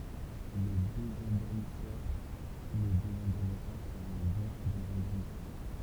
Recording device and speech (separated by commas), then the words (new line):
temple vibration pickup, read sentence
Le désendormisseur qui le désendormira sera un bon désendormisseur.